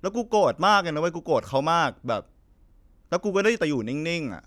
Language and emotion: Thai, frustrated